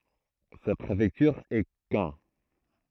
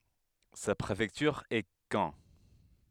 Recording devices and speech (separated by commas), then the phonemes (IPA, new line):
throat microphone, headset microphone, read sentence
sa pʁefɛktyʁ ɛ kɑ̃